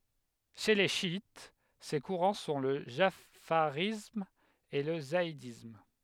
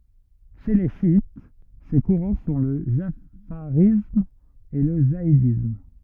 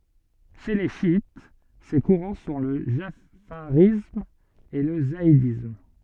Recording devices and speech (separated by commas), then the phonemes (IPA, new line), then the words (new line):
headset microphone, rigid in-ear microphone, soft in-ear microphone, read sentence
ʃe le ʃjit se kuʁɑ̃ sɔ̃ lə ʒafaʁism e lə zaidism
Chez les chiites, ces courants sont le jafarisme et le zaïdisme.